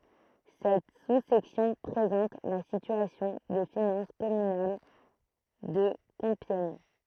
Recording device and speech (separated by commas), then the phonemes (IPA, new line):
throat microphone, read sentence
sɛt su sɛksjɔ̃ pʁezɑ̃t la sityasjɔ̃ de finɑ̃s kɔmynal də kɔ̃pjɛɲ